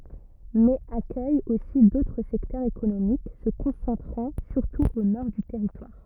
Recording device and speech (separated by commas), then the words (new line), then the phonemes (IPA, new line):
rigid in-ear microphone, read sentence
Mais accueille aussi d'autres secteurs économiques se concentrant surtout au nord du territoire.
mɛz akœj osi dotʁ sɛktœʁz ekonomik sə kɔ̃sɑ̃tʁɑ̃ syʁtu o nɔʁ dy tɛʁitwaʁ